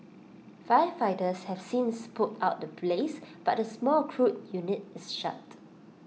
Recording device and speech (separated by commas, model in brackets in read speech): mobile phone (iPhone 6), read sentence